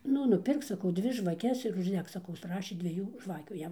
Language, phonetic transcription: Lithuanian, ˈnu nuˈpirk saˈkau ˈdvi žvaˈkes ir užˈdek saˈkau ˈprašė dvieˈjų ˈžvakių ˈjam

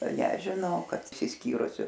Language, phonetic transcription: Lithuanian, nežiˈnau ˈkad išsisˈkyrusiu

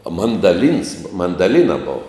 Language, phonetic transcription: Lithuanian, a mandaˈlyns mandaˈlyna ˈbova

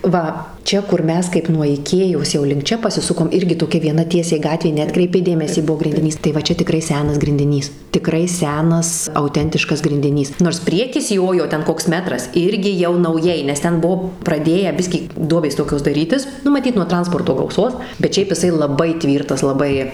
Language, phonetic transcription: Lithuanian, ˈva ˈčia kur ˈmes kaip nuo iˈkėjos jau link ˈčia pasiˈsukom ˈirgi toˈkia vieˈna ˈtiesiai ˈgatvė neˈatkreipei ˈdėmesį ˈbuo grindiˈnys tai va ˈčia tiˈkrai ˈsenas grindiˈnys tiˈkrai ˈsenas auˈtentiškas grindiˈnys nors ˈpriekis ˈjojo ˈten ˈkoks ˈmetras ˈirgi jau nauˈjai nes ˈten ˈbuo praˈdėję ˈbiskį ˈduobės ˈtokios daˈrytis ˈnu maˈtyt nuo ˈtransporto gauˈsos bet ˈšiaip jiˈsai laˈbai ˈtvyrtas laˈbai

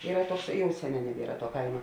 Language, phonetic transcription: Lithuanian, ˈyra ˈtuoks ˈjau ˈseˌnē neˈbiera tuo ˈkaima

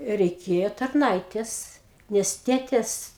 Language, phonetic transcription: Lithuanian, reiˈkėjo tarˈnaitės ˈnes ˈtėtės

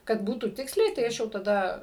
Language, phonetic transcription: Lithuanian, kad ˈbūtų ˈtiksliai tai ˈaš jau taˈda

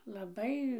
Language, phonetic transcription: Lithuanian, laˈbai

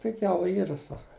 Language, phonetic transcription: Lithuanian, piˈgiau ˈyra ˈsaka

